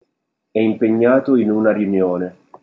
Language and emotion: Italian, neutral